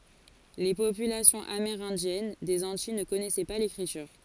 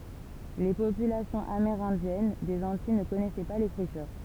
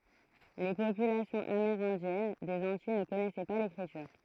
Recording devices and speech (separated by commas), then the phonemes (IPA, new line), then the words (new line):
forehead accelerometer, temple vibration pickup, throat microphone, read sentence
le popylasjɔ̃z ameʁɛ̃djɛn dez ɑ̃tij nə kɔnɛsɛ pa lekʁityʁ
Les populations amérindiennes des Antilles ne connaissaient pas l'écriture.